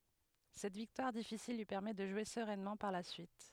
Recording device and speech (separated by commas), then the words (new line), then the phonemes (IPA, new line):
headset microphone, read sentence
Cette victoire difficile lui permet de jouer sereinement par la suite.
sɛt viktwaʁ difisil lyi pɛʁmɛ də ʒwe səʁɛnmɑ̃ paʁ la syit